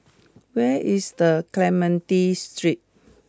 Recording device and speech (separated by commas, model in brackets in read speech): close-talking microphone (WH20), read sentence